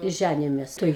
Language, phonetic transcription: Lithuanian, ˈžænijomės tai

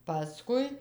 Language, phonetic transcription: Lithuanian, paˈskui

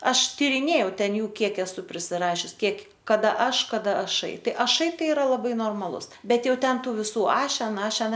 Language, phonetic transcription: Lithuanian, ˈaš tyriˈnėjau ˈten ˈjų ˈkiek esu prisiˈrašius ˈkiek kaˈda ˈaš kaˈda aˈšai ˈtai aˈšai ˈtai iˈra laˈbai normaˈlus ˈbet ˈjau ˈten ˈtų viˈsų ˈašen ˈašen

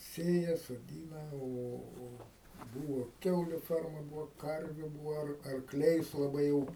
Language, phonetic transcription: Lithuanian, ˈsėja soˈdyna ˈo o ˈbūvo ˈkiauliu ˈferma ˈbūvo ˈkarviu ˈbūva ar arkˈliais laˈbai jau

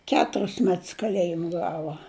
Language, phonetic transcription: Lithuanian, ˈketuris ˈmets kaˈlejim ˈgava

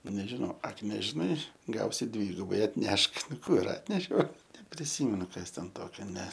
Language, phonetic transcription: Lithuanian, nežiˈnau ˈak nežiˈnai ˈgausi ˈdvygubai atˈnešk ˈnu ˈkų ir ˈatnešiau nepriˈsymenu ˈkas ten ˈtokia ne

